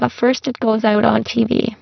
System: VC, spectral filtering